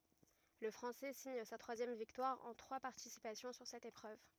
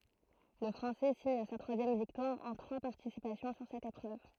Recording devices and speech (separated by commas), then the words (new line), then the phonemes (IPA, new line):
rigid in-ear microphone, throat microphone, read sentence
Le Français signe sa troisième victoire en trois participations sur cette épreuve.
lə fʁɑ̃sɛ siɲ sa tʁwazjɛm viktwaʁ ɑ̃ tʁwa paʁtisipasjɔ̃ syʁ sɛt epʁøv